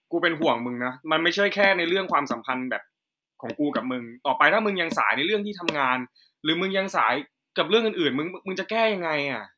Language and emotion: Thai, frustrated